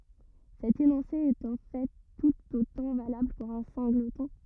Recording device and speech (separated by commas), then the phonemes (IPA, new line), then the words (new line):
rigid in-ear microphone, read sentence
sɛt enɔ̃se ɛt ɑ̃ fɛ tut otɑ̃ valabl puʁ œ̃ sɛ̃ɡlətɔ̃
Cet énoncé est en fait tout autant valable pour un singleton.